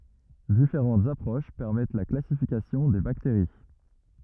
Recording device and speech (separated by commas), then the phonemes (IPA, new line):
rigid in-ear microphone, read sentence
difeʁɑ̃tz apʁoʃ pɛʁmɛt la klasifikasjɔ̃ de bakteʁi